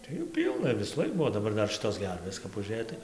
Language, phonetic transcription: Lithuanian, tai ˈjų ˈpylna visųˈlaik ˈbuo o daˈbar ˈdar ˈšitos ˈgervės kap uˈžėj tai

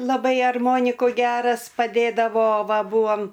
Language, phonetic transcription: Lithuanian, laˈbai arˈmoniku ˈgeras paˈdėdavo ˈva ˈbūam

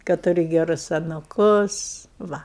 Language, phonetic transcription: Lithuanian, kad tuˈri geˈrus anuˈkus ˈva

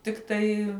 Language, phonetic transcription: Lithuanian, ˈtiktai

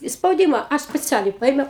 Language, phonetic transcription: Lithuanian, i spauˈdyma ˈaš speˈcialiai ˈpaimiau

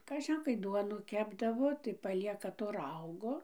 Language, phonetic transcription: Lithuanian, kaˈžin kai ˈduonų ˈkepdavo tai paˈlieka to ˈraugo

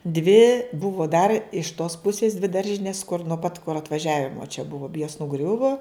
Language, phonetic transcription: Lithuanian, dvi ˈbuvo dar iš tos ˈpusės dvi ˈdaržinės kur nuo pat kur atvaˈžiavimo čia ˈbuvo jos nuˈgriuvo

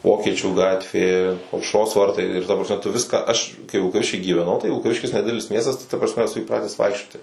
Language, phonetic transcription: Lithuanian, ˈvokiečių ˈgatvė aušˈros ˈvartai ir ta prasˈme tu ˈviską ˈaš kai vilkaˈvišky gyveˈnau tai vilkaˈviškis neˈdidelis ˈmiestas tai ta prasˈme eˈsu įˈprates ˈvaikščioti

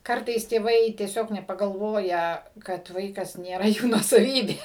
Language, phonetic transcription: Lithuanian, ˈkartais tėˈvai tieˈsiog nepagalˈvoja kad ˈvaikas nėˈra ˈjų nuosaˈvybė

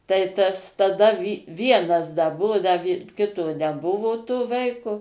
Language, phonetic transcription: Lithuanian, tai ˈtas taˈda ˈvienas da ˈbuvo da vi ˈkito neˈbuvo to ˈvaiko

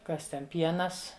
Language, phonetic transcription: Lithuanian, ˈkas ˈten ˈpienas

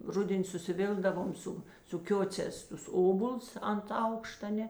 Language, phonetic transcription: Lithuanian, ˈruden' susiˈvilkdavom ˈsu su ˈkiocēs tus ˈobols ant ˈaukšta ˈne

